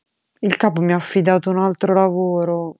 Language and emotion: Italian, sad